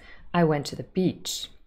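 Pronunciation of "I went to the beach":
'I went to the beach' is said with a falling intonation.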